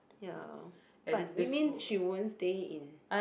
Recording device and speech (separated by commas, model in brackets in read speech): boundary microphone, conversation in the same room